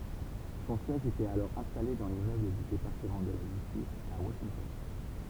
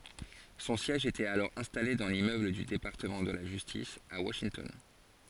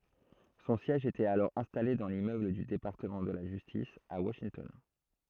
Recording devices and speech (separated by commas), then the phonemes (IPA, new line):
temple vibration pickup, forehead accelerometer, throat microphone, read sentence
sɔ̃ sjɛʒ etɛt alɔʁ ɛ̃stale dɑ̃ limmøbl dy depaʁtəmɑ̃ də la ʒystis a waʃintɔn